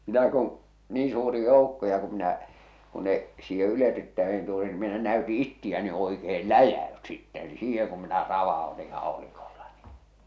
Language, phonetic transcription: Finnish, mitä kuṵ , 'nii suuri "jòukko ja ku minä , ku ne , siihe 'yletyttä₍en tuli ni minä näyti "ittiä ne oikeel "läjä₍ys sittɛ ni "siiheŋ kum minä "rava₍oti 'hàolikolla ɴɪ .
- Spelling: mitä kun niin suuri joukko ja kun minä kun ne siihen yletyttäin tuli niin minä näytin itseä ne oikein läjäytyi sitten niin siihen kun minä ravautin haulikolla niin

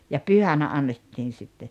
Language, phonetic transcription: Finnish, ja "pyhänä 'annettiin̬ sitte .
- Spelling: ja pyhänä annettiin sitten

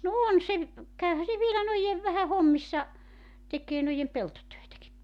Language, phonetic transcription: Finnish, no 'on se , 'käyhä se vielä noijev vähä "hommissa , 'tek̀ee noijem 'peltotöetäki .
- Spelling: no on se käyhän se vielä noiden vähän hommissa tekee noiden peltotöitäkin

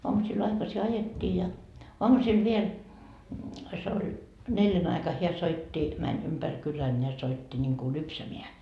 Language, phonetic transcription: Finnish, oamusil 'aikasi "ajettii ja , "oamusil 'viel , se oĺ , 'neljän ‿aika heä soitti , 'mäń 'ympär 'kylän ja 'soitti ńiŋku "lypsämeä .
- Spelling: aamusilla aikaisin ajettiin ja aamusilla vielä se oli neljän aika hän soitti meni ympäri kylän ja soitti niin kuin lypsämään

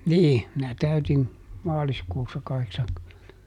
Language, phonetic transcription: Finnish, ˈnii , minä ˈtäytin , ˈmaaliskuussa ˈkaheksaŋkymmentä .
- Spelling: niin minä täytin maaliskuussa kahdeksankymmentä

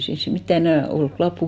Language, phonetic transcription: Finnish, ei 'siins sit 'mittä 'enä̀ , 'olk "klappu .
- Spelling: ei siinä sitten mitään enää ole lappua

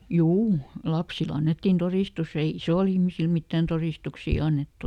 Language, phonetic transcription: Finnish, "juu , ˈlapsiˈl ‿annettin "torìstus ‿ei ˈisòl ‿ihmisil ˈmittän torìstuksì ˈannettu .
- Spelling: juu lapsille annettiin todistus ei isoille ihmisille mitään todistuksia annettu

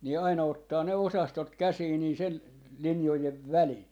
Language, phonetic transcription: Finnish, ni aina 'ottaa ne 'osastot "käsii nii , 'sel , 'linjojev "välin .
- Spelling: niin aina ottaa ne osastot käsiin niin sen linjojen välin

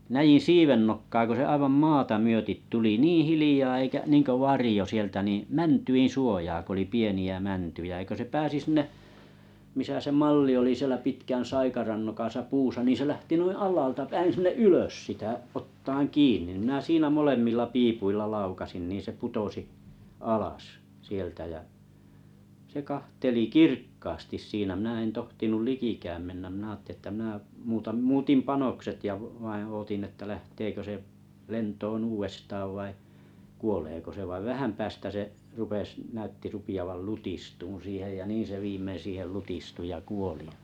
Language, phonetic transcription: Finnish, 'näjin̬ "siivennokkaa ko se 'aivam "maata 'myötit tuli "nii 'hilijaa eikä ninko "varĭjo 'sieltä niḭ "mäntyin 'suojaa k ‿oli 'pieni₍ä 'mäntyjä ʲä kö se 'pääsi 'sinne’ , misä se 'malli oli 'sielä 'pitkän "saikaran nokasa 'puusa ni se lähti noin̬ "allaalta 'päin "ylös sitä’ , ottaan "kiinⁱ nⁱ minä siinä molemmilla 'piipuilla 'laukasin nin̬ 'se 'putosi , "alas , 'sieltä jä , se 'kahteli "kirkkaastis 'siinä mⁱnä en 'tohtinul "likikääm 'mennäᵐ mⁱnä aatte1ⁱ ‿ttä mⁱnä , muutann 'muutim "panokset ja v- vaiḭ 'ootin että 'lähteekö se , 'lent̀oon "uuvestaav vai , 'kuoleeko se vaiv 'vähäm 'päästä se , 'rupes , 'näytti rupi₍aval "lutistuun̬ 'siihej jä 'niin se 'viimmeⁿ̬ 'siihel "lutistu ja "kuoli jᴀ .
- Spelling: näin siivennokkaa kun se aivan maata myöten tuli niin hiljaa eikä niin kuin varjo sieltä niin mäntyjen suojaa kun oli pieniä mäntyjä ja kun se pääsi sinne missä se malli oli siellä pitkän saikaran nokassa puussa niin se lähti noin alhaalta päin ylös sitä ottamaan kiinni niin minä siinä molemmilla piipuilla laukaisin niin se putosi alas sieltä ja se katseli kirkkaasti siinä minä en tohtinut likikään mennä minä ajattelin että minä muutan muutin panokset ja - vain odotin että lähteekö se lentoon uudestaan vai kuoleeko se vaan vähän päästä se rupesi näytti rupeavan lutistumaan siihen ja niin se viimein siihen lutistui ja kuoli ja

